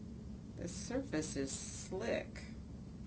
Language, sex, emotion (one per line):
English
female
disgusted